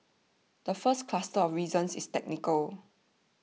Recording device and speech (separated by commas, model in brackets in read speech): mobile phone (iPhone 6), read sentence